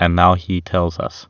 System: none